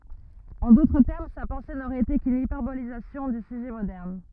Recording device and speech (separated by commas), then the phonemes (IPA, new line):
rigid in-ear microphone, read sentence
ɑ̃ dotʁ tɛʁm sa pɑ̃se noʁɛt ete kyn ipɛʁbolizasjɔ̃ dy syʒɛ modɛʁn